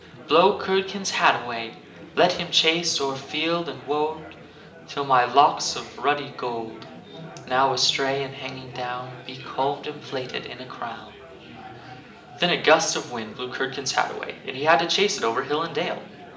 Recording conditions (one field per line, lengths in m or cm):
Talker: one person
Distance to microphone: 1.8 m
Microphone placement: close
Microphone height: 1.0 m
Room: large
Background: babble